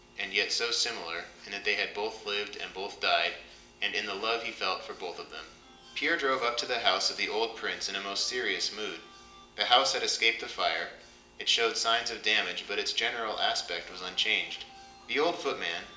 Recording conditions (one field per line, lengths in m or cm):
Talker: one person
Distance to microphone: 1.8 m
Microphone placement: close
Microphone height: 1.0 m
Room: large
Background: music